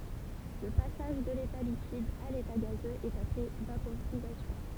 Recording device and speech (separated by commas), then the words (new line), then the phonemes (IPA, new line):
temple vibration pickup, read sentence
Le passage de l'état liquide à l'état gazeux est appelé vaporisation.
lə pasaʒ də leta likid a leta ɡazøz ɛt aple vapoʁizasjɔ̃